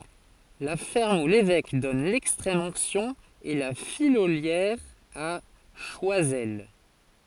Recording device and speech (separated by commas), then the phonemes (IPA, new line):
forehead accelerometer, read sentence
la fɛʁm u levɛk dɔn lɛkstʁɛm ɔ̃ksjɔ̃ ɛ la fijoljɛʁ a ʃwazɛl